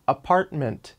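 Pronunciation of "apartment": In 'apartment', the T in the middle kind of disappears, so there's really no T sound there.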